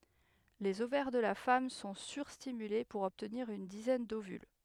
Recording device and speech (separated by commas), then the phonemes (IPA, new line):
headset microphone, read sentence
lez ovɛʁ də la fam sɔ̃ syʁstimyle puʁ ɔbtniʁ yn dizɛn dovyl